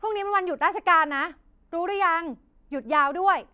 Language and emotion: Thai, angry